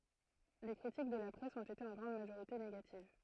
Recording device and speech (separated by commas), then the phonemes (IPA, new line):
throat microphone, read sentence
le kʁitik də la pʁɛs ɔ̃t ete ɑ̃ ɡʁɑ̃d maʒoʁite neɡativ